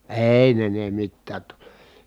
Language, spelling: Finnish, ei ne ne mitään toki
- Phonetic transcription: èi ne ne mittäät to(k) .

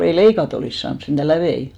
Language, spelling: Finnish, ei leikata olisi saanut sentään läpiä
- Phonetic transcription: 'ei "leikat ‿olìs 'saans sentä "lävei .

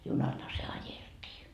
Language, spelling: Finnish, junallahan se ajeltiin
- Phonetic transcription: 'junalha se "ajelt́ii .

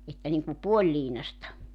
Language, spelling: Finnish, että niin kuin puoliliinaista
- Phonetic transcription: että niŋku 'puoĺliinasta .

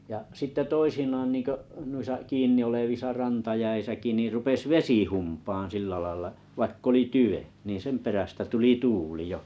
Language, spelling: Finnish, ja sitten toisinaan niin kuin noissa kiinni olevissa rantajäissäkin niin rupesi vesi humpaamaan sillä lailla vaikka oli tyven niin sen perästä tuli tuuli jo
- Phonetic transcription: ja 'sitte 'toisinaan nìŋko’ , nuisa 'kiin̆ni₍olevisa 'rantajäisäki ni rupes "vesi 'humpaan 'sillä lailla , 'vaikk ‿oli "tyʷe , niin 'sem perästä tuli 'tuuli 'jo .

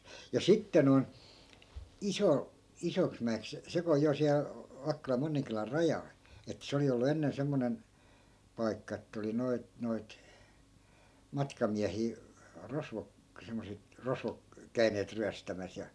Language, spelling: Finnish, ja sitten noin - Isoksimäeksi se kun on siellä Vakkolan Monninkylän rajalla että se oli ollut ennen semmoinen paikka että oli noita noita matkamiehiä rosvot semmoiset rosvot käyneet ryöstämässä ja
- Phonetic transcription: ja 'sitte noi̮n , "iso- , 'isoksmä₍eks , se ko(o) jo siä(l) , 'vakkolam 'monniŋkylär "rajal , ettᵃ̈ 'se oli ollu 'ennen 'semmonen , 'pai̮kka että oli 'noit 'noit , 'matkamiähii , 'rosvok , semmoset , 'rosvok , "käy̬neet 'ryästämäs ja .

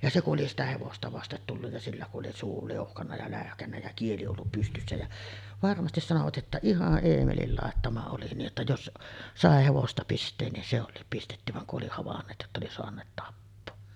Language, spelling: Finnish, ja se kun oli sitä hevosta vasten tullut ja sillä kun oli suu liuhkannut ja läyhkännyt ja kieli ollut pystyssä ja varmasti sanoivat että ihan Eemelin laittama oli niin että jos sai hevosta pistää niin se olikin pistetty vaan kun oli havainneet jotta oli saaneet tappaa
- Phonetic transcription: ja 'se kuˀ ˀoli sitä 'hevosta vastet tulluj ja 'sillä ku’ ’oli suu 'liuhkanna ja lä̀öhkännä jä 'kieli ollup pystyssä jä , 'varmastis sanovat ’että » "ihaˀ 'ˀEemelil làettama oli nii’ ’että 'jos , "sàe 'hevosta pist̆teen nin se ol̀iip 'pistetty « vaŋ ku’ ’oli havanneet jotta oli soaǹeet 'tappoo .

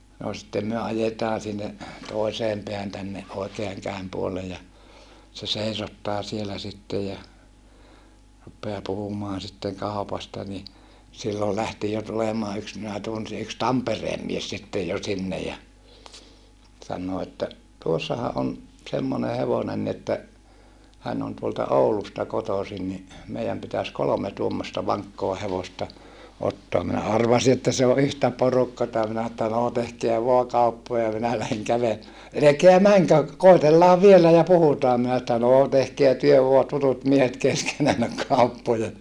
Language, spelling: Finnish, no sitten me ajetaan sinne toiseen päähän tänne oikean käden puolelle ja se seisottaa siellä sitten ja rupeaa puhumaan sitten kaupasta niin silloin lähti jo tulemaan yksi minä tunsin yksi Tampereen mies sitten jo sinne ja sanoo että tuossahan on semmoinen hevonen niin että hän on tuolta Oulusta kotoisin niin meidän pitäisi kolme tuommoista vankkaa hevosta ottaa minä arvasin että se on yhtä porukkaa minä että no tehkää vain kauppoja minä lähden - älkää menkö koetellaan vielä ja puhutaan minä että no tehkää te vain tutut miehet keskenänne kauppoja
- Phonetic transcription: no sittem myö ajetaa sinne , toi̮seem peähän tänne , oikeaŋ käem puollej ja , se seisottaa sielä sittej ja , ruppeaa puhumoan̬ sitteŋ kàupasta ni , sillol lähti jo tulemaa yks minä tunsi yks Tampereem mies sittej jo sinnej ja , sannoo että , » tuossaha ʼon , semmone hevonen ni ‿että , hän on tuolta Oulusta kotòsin ni , meijäm pitäs kolome tuommosta vaŋkkoa hevosta , ottoa » minä arvasi että se o ʼyhtä porukkata minä että » noo tehkeä voa kauppoja minä läheŋ kävele - » » elekeä mäŋkö , kòitellaav vielä ja puhutaa » minä että » noo tehkeä työ voa , tutut miehet keskenännök kauppoja » .

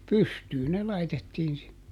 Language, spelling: Finnish, pystyyn ne laitettiin sinne
- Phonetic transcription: "pystyy ne ˈlaitettiin sinne .

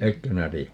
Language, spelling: Finnish, etkö sinä tiedä
- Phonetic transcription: "ekkö [si]nä 'ti₍ä .

